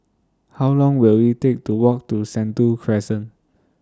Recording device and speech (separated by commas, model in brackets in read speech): standing microphone (AKG C214), read sentence